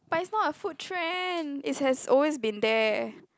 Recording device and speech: close-talking microphone, conversation in the same room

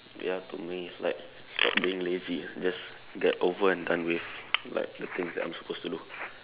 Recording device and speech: telephone, conversation in separate rooms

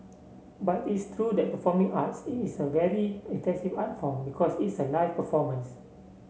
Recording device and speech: mobile phone (Samsung C7), read sentence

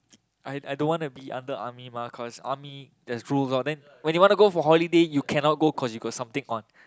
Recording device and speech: close-talking microphone, conversation in the same room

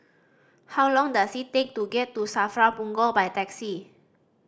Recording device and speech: standing microphone (AKG C214), read sentence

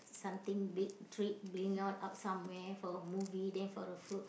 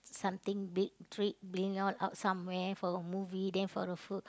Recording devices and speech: boundary microphone, close-talking microphone, conversation in the same room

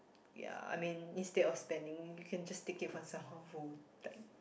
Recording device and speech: boundary microphone, conversation in the same room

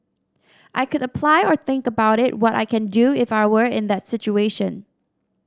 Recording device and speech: standing microphone (AKG C214), read sentence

